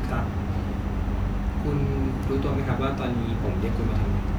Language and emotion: Thai, neutral